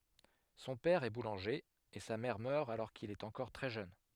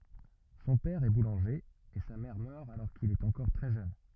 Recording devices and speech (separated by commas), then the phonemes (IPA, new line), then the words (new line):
headset microphone, rigid in-ear microphone, read sentence
sɔ̃ pɛʁ ɛ bulɑ̃ʒe e sa mɛʁ mœʁ alɔʁ kil ɛt ɑ̃kɔʁ tʁɛ ʒøn
Son père est boulanger, et sa mère meurt alors qu'il est encore très jeune.